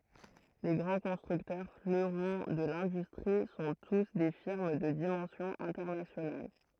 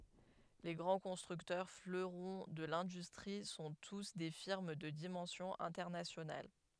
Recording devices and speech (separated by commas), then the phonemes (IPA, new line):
throat microphone, headset microphone, read sentence
le ɡʁɑ̃ kɔ̃stʁyktœʁ fløʁɔ̃ də lɛ̃dystʁi sɔ̃ tus de fiʁm də dimɑ̃sjɔ̃ ɛ̃tɛʁnasjonal